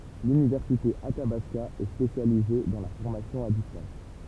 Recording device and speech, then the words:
temple vibration pickup, read sentence
L'université Athabasca est spécialisée dans la formation à distance.

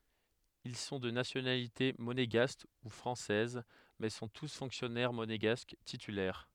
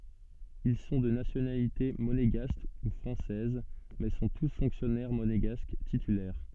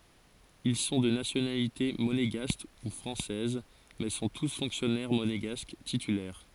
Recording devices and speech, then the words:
headset microphone, soft in-ear microphone, forehead accelerometer, read sentence
Ils sont de nationalité monégasque ou française, mais sont tous fonctionnaires monégasques titulaires.

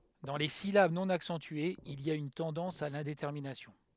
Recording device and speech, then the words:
headset microphone, read sentence
Dans les syllabes non accentuées, il y a une tendance à l'indétermination.

